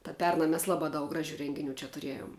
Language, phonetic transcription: Lithuanian, ta ˈperna mes ˈlaˌbā daug ˈgraˌžiu ˈrenginiu čia tuˈriejom

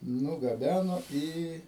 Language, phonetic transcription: Lithuanian, nugaˈbæno ˈį

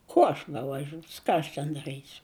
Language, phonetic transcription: Lithuanian, ˈkuo aš bevaˈžiūs ˈką aš ten daˈrɨsiu

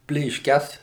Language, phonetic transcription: Lithuanian, plėšˈkes

